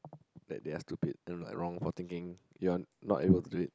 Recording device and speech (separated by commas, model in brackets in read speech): close-talking microphone, conversation in the same room